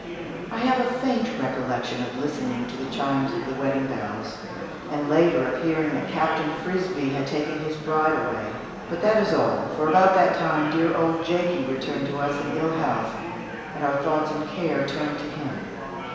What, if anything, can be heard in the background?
Crowd babble.